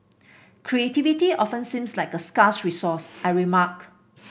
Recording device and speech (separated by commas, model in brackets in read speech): boundary microphone (BM630), read sentence